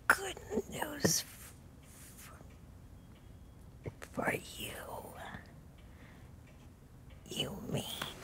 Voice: Hoarsely